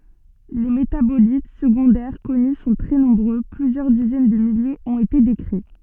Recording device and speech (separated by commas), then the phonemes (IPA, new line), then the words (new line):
soft in-ear microphone, read sentence
le metabolit səɡɔ̃dɛʁ kɔny sɔ̃ tʁɛ nɔ̃bʁø plyzjœʁ dizɛn də miljez ɔ̃t ete dekʁi
Les métabolites secondaires connus sont très nombreux, plusieurs dizaines de milliers ont été décrits.